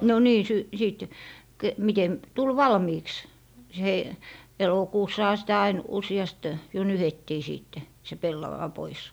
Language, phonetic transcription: Finnish, no 'nii , sy - 'sìt , ke- , mitem , 'tul "valmiiks , s - hei- , 'elokuussaha sitä ain 'usi₍ast , jo "nyhettii 'siitte , se 'pellawa 'pois .
- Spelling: no niin - sitten - miten tuli valmiiksi - - elokuussahan sitä aina useasti jo nyhdettiin sitten se pellava pois

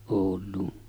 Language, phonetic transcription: Finnish, Òul̆luun .
- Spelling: Ouluun

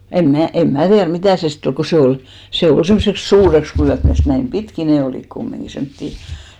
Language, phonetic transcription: Finnish, em 'mnä̀ , em 'mä tiär "mitä̀ se sitt ‿ol ko 'se ol , 'se ol semmᵒseks "suureks lyät (täst) , näim "pitkì ne 'olìk kummiŋki semttì .
- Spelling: en minä en minä tiedä mitä se sitten oli kun se oli se oli semmoiseksi suureksi lyöty täst näin pitkin ne olivat kumminkin semmoisia

